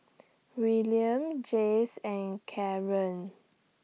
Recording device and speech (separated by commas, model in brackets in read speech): mobile phone (iPhone 6), read sentence